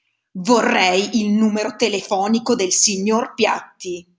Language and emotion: Italian, angry